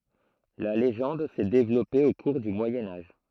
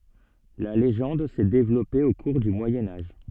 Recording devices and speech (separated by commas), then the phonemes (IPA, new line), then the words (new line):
throat microphone, soft in-ear microphone, read sentence
la leʒɑ̃d sɛ devlɔpe o kuʁ dy mwajɛ̃ aʒ
La légende s'est développée au cours du Moyen Âge.